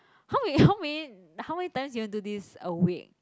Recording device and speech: close-talking microphone, conversation in the same room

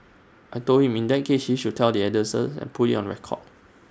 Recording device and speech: standing microphone (AKG C214), read sentence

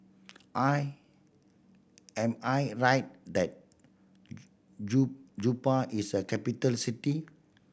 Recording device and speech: boundary microphone (BM630), read sentence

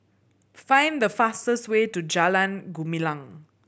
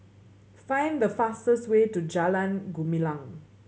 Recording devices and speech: boundary microphone (BM630), mobile phone (Samsung C7100), read sentence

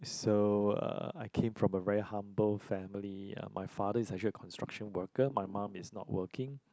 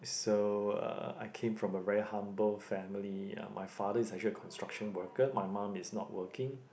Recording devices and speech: close-talking microphone, boundary microphone, conversation in the same room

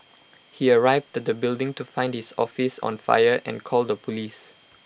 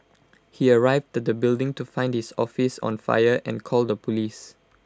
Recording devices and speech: boundary microphone (BM630), close-talking microphone (WH20), read sentence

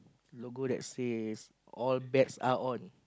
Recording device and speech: close-talking microphone, conversation in the same room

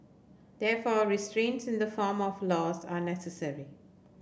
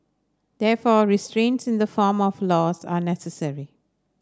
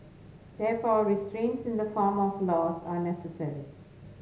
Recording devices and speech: boundary microphone (BM630), standing microphone (AKG C214), mobile phone (Samsung S8), read sentence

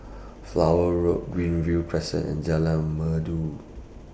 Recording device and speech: boundary microphone (BM630), read sentence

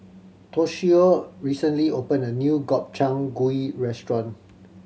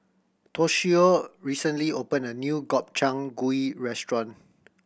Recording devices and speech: mobile phone (Samsung C7100), boundary microphone (BM630), read sentence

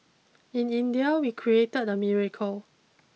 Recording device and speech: mobile phone (iPhone 6), read sentence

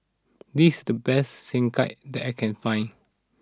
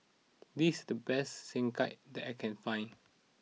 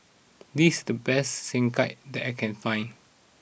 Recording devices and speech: standing microphone (AKG C214), mobile phone (iPhone 6), boundary microphone (BM630), read sentence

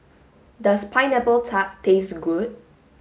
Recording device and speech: mobile phone (Samsung S8), read sentence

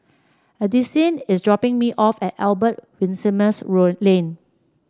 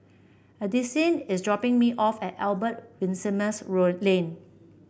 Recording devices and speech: standing microphone (AKG C214), boundary microphone (BM630), read sentence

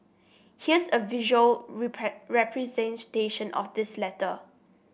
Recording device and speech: boundary microphone (BM630), read sentence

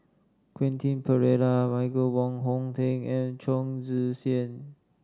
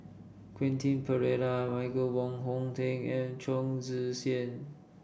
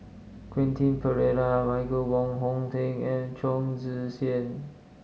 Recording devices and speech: standing microphone (AKG C214), boundary microphone (BM630), mobile phone (Samsung S8), read sentence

